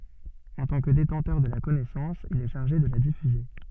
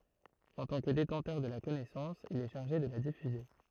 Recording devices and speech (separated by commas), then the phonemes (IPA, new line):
soft in-ear microphone, throat microphone, read sentence
ɑ̃ tɑ̃ kə detɑ̃tœʁ də la kɔnɛsɑ̃s il ɛ ʃaʁʒe də la difyze